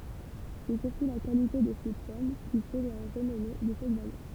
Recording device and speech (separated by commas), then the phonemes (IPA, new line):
temple vibration pickup, read sentence
sɛ syʁtu la kalite də se pɔm ki fɛ la ʁənɔme də sɛt vale